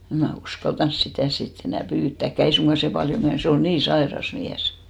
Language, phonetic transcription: Finnish, 'em mä 'uskaltans "sitä̀ si't ‿enä̀ "pyyttä̀kkä̀ , 'ei suŋɢa se "paljo 'myäs 'se ol "nii 'saeras 'miäs .
- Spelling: en minä uskaltanut sitä sitten enää pyytääkään ei suinkaan se paljon myös se oli niin sairas mies

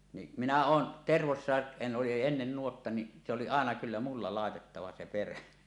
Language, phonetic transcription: Finnish, ni , minä "oon , Tervossàe , (siin ‿oli) oli ennen 'nuotta ni , se oli 'àena kyllä 'mulla "làetettava 'se "perä .
- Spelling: niin minä olen Tervossakin siinä oli oli ennen nuotta niin se oli aina kyllä minulla laitettava se perä

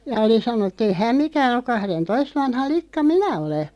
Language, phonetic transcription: Finnish, ja 'oli 'sanonnᵘ et't ‿ei häm "mikään ‿oᵏ » 'kahren"toist vanha 'likka "minä 'ole « .
- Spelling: ja oli sanonut että ei hän mikään ole kahdentoista vanha likka minä olen

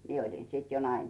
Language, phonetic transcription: Finnish, 'mie oĺin 'sìt jo 'naimisìs .
- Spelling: minä olin sitten jo naimisissa

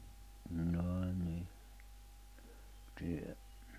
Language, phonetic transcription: Finnish, njaa ni , tie₍ä , .
- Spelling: jaa niin tiedä

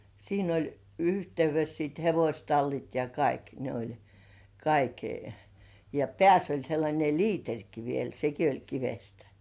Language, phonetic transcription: Finnish, 'siin ‿oĺ 'yhteyves siit "hevośtallit ja 'kaik , ne oĺ , 'kaik(e) , ja "pĕä̀ss ‿oĺ sellańe "liiteŕki 'viel "seki oĺ 'kivestᴀ̈ .
- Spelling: siinä oli yhteydessä sitten hevostallit ja kaikki ne oli kaiken ja päässä oli sellainen liiterikin vielä sekin oli kivestä

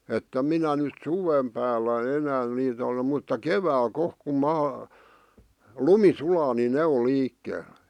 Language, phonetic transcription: Finnish, 'että 'minä nyt "suvèm päällä 'enään niitä (ole) mutta "kevääl 'kohk kum 'maa , "lumi sulaa ni 'ne o 'liikkeel .
- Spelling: että minä nyt suven päällä enää niitä ole mutta keväällä kohta kun maa lumi sulaa niin ne on liikkeellä

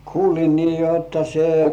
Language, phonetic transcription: Finnish, kuulin nii jotta 'se- .
- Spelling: kuulin niin jotta -

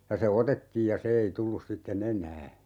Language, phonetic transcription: Finnish, 'ja se "otettiij ja 'se ei 'tullus 'sitte"n ‿eǹää .
- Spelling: ja se otettiin ja se ei tullut sitten enää

